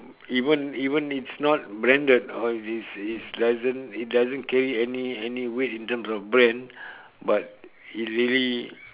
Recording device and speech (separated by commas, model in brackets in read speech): telephone, conversation in separate rooms